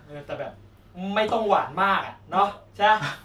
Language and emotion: Thai, neutral